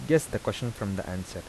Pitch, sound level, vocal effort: 105 Hz, 82 dB SPL, soft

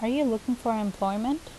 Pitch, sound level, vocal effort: 230 Hz, 81 dB SPL, normal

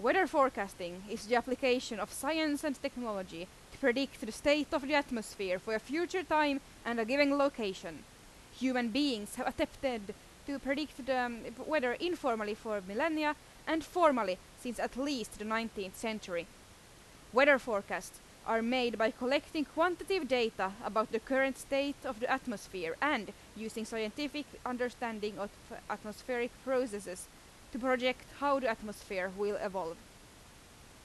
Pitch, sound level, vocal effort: 250 Hz, 90 dB SPL, very loud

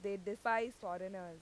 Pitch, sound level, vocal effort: 200 Hz, 91 dB SPL, loud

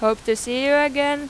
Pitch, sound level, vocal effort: 280 Hz, 93 dB SPL, loud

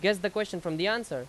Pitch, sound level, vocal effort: 210 Hz, 93 dB SPL, very loud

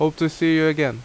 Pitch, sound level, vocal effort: 155 Hz, 85 dB SPL, loud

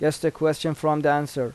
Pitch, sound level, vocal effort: 155 Hz, 86 dB SPL, normal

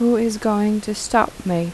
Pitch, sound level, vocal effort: 210 Hz, 81 dB SPL, soft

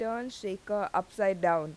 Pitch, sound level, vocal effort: 200 Hz, 88 dB SPL, loud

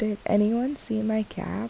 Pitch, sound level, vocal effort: 220 Hz, 75 dB SPL, soft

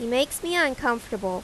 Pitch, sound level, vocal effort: 245 Hz, 88 dB SPL, loud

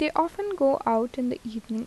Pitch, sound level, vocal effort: 255 Hz, 80 dB SPL, soft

